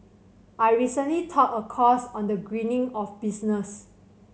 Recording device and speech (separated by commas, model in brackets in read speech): mobile phone (Samsung C7100), read sentence